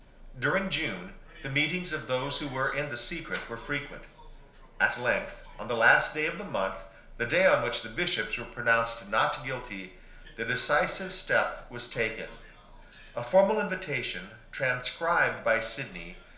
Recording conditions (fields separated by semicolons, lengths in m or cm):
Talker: one person; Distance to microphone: 1.0 m; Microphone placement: close; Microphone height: 1.1 m; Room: small (3.7 m by 2.7 m); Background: television